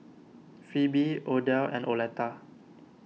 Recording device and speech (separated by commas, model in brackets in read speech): mobile phone (iPhone 6), read sentence